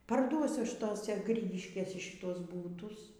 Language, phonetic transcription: Lithuanian, parˈduosiu ˈaš ˈtose ˈgrygiškėse šiˈtuos ˈbūtus

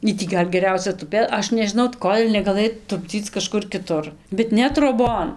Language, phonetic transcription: Lithuanian, ˈy tį ˈgal' geˈriausia tuˈpė ˈaš nežiˈnau ˈkol' negaˈlɘj tupˈdzyc kaˈžkur kiˈtur bet ˈne troˈbon

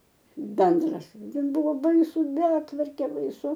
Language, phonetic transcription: Lithuanian, ˈbendras ˈten ˈbuvo ˈbaisu ˈbetvarkė baiˈsu

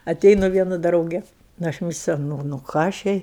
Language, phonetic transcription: Lithuanian, aˈteinu ˈvienu ˈdrauge nu ˈaš ˈmisliau ˈnu ˈnu ˈką aš ˈjai

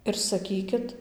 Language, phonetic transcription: Lithuanian, ir saˈkykit

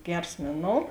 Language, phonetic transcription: Lithuanian, ˈgers ˈmėˌnou

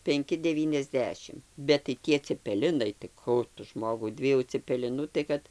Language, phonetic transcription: Lithuanian, penˈki deˌvyniasˈdešim bet tai ˈtie cepeˈlinai tai ˈkų tu ˈžmogau ˈdviejų cepeˈlinų tai ˈkad

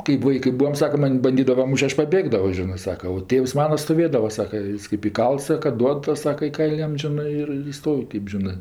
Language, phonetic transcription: Lithuanian, kɜp ˈvaikɜ ˈbūam ˈsaka ˈman' banˈdydava ˈmūš't' ˈaš paˈbėgdavo ˈžinɜ ˈsaka o ˈtėvs ˈmana stoˈvėdava ˈsaka ˈjis kɜp iˈkalts ˈsaka ˈduod ˈtas ˈsaka i ˈkail' ˈjam ˈžinɜ ir ir ˈjis ˈstov' ˈkɜp žiˈnɜ

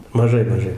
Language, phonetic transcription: Lithuanian, maˈžai maˈžai

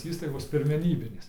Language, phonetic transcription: Lithuanian, ˈįstaigos pirmeˈnybinės

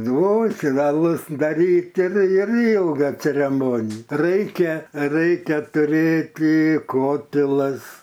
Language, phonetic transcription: Lithuanian, ˈnu ˈtin aˈlus daˈryt ˈtin ir ˈilga cereˈmoni ˈraikia ˈraikia tuˈrėti ˈkotilas

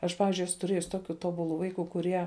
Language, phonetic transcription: Lithuanian, ˈaš ˈpavizdžiui ˈesu tuˈrėjus ˈtoˌkiu ˈtoˌbuˌlu ˈvaiˌku kuˈrie

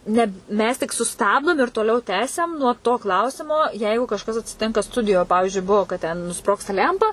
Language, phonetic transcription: Lithuanian, ˈne ˈmes tik suˈstabdom ir toˈliau ˈtęsiam nuo to ˈklausimo ˈjeigu kažˈkas atsiˈtinka ˈstudijo ˈpavižiui ˈbuo kad ten nuˈsprogsta ˈlæmpa

